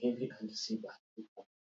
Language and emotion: English, fearful